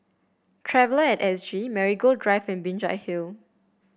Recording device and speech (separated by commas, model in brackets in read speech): boundary microphone (BM630), read sentence